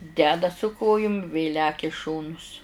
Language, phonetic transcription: Lithuanian, ˈdeda su ˈkojum vė ˈlekia i ˈšonus

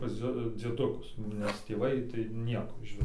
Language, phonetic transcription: Lithuanian, pas ˈdzie dzieˈdukus nes tėˈvai tai ˈnieko išˈvis

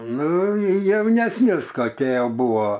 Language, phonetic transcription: Lithuanian, ˈnu jaunesˈnius koˈkie ˈjau ˈbuvo

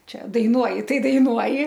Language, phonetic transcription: Lithuanian, ˈčia daiˈnuoji ˈtai daiˈnuoji

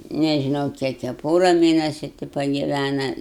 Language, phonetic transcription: Lithuanian, nežiˈnau ˈkiek jie a ˈpora ˈmėnesiu ti pagiˈvæna

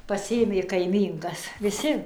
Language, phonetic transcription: Lithuanian, pasiˈėmė kaiˈmynkas viˈsi

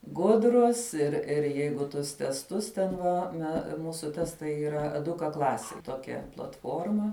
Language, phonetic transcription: Lithuanian, ˈgudrus ir ir ˈjeigu ˈtus tesˈtus ten ˈva me ˈmūsu ˈtestai yˈra eˈduka ˈklasij ˈtokia platˈforma

